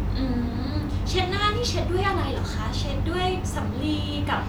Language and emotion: Thai, neutral